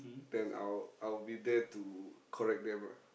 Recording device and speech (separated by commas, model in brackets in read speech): boundary microphone, conversation in the same room